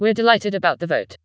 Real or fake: fake